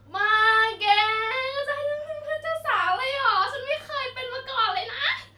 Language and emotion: Thai, happy